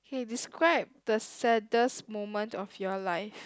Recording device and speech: close-talking microphone, conversation in the same room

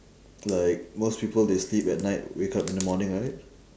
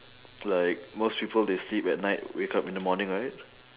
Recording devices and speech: standing microphone, telephone, conversation in separate rooms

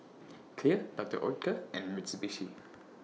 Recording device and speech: mobile phone (iPhone 6), read sentence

